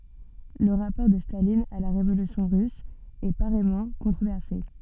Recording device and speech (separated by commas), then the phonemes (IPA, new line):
soft in-ear microphone, read sentence
lə ʁapɔʁ də stalin a la ʁevolysjɔ̃ ʁys ɛ paʁɛjmɑ̃ kɔ̃tʁovɛʁse